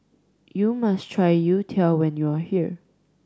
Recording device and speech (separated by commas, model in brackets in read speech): standing microphone (AKG C214), read sentence